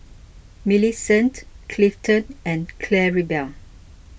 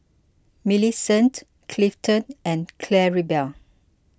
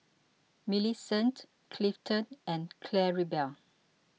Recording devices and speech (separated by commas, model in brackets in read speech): boundary microphone (BM630), close-talking microphone (WH20), mobile phone (iPhone 6), read sentence